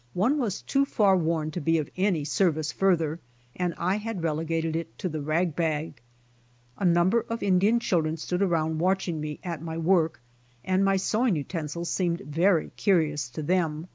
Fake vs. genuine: genuine